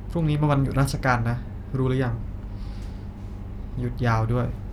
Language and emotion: Thai, frustrated